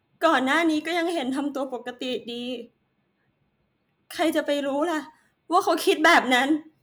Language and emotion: Thai, sad